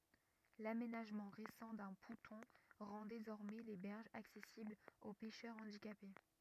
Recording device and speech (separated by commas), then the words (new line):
rigid in-ear microphone, read sentence
L'aménagement récent d'un ponton rend désormais les berges accessibles aux pêcheurs handicapés.